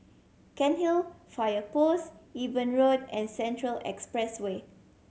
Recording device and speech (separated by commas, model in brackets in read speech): mobile phone (Samsung C7100), read sentence